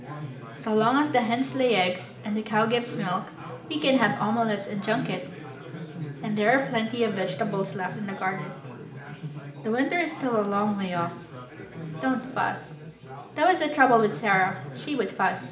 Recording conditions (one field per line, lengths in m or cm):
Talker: one person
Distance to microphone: 1.8 m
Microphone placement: close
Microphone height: 1.0 m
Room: large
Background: babble